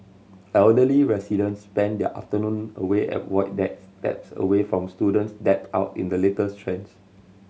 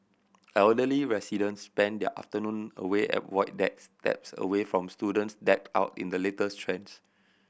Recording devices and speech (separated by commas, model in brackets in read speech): mobile phone (Samsung C7100), boundary microphone (BM630), read sentence